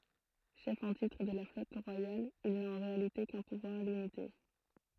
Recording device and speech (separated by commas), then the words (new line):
throat microphone, read sentence
Chef en titre de la flotte royale, il n'a en réalité qu'un pouvoir limité.